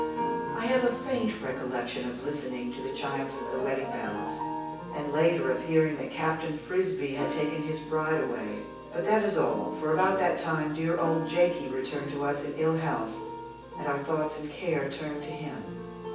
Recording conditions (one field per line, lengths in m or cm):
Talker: one person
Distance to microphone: 9.8 m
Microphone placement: far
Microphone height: 1.8 m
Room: large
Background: music